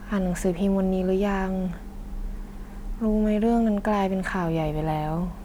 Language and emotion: Thai, frustrated